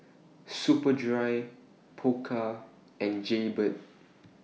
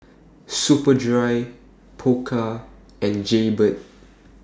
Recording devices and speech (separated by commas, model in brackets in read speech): mobile phone (iPhone 6), standing microphone (AKG C214), read sentence